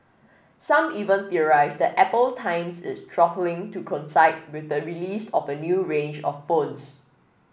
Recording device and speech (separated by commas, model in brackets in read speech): boundary microphone (BM630), read sentence